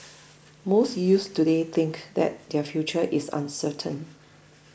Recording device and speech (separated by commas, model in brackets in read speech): boundary microphone (BM630), read sentence